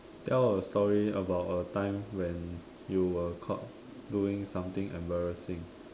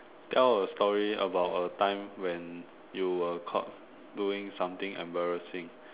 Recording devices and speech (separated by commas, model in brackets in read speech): standing microphone, telephone, conversation in separate rooms